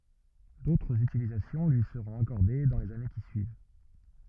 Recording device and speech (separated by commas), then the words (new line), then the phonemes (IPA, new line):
rigid in-ear microphone, read sentence
D'autres utilisations lui seront accordées dans les années qui suivent.
dotʁz ytilizasjɔ̃ lyi səʁɔ̃t akɔʁde dɑ̃ lez ane ki syiv